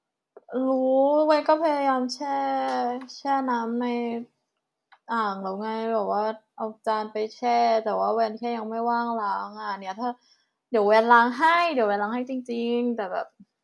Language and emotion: Thai, frustrated